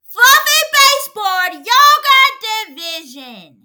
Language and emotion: English, disgusted